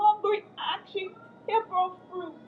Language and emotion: English, fearful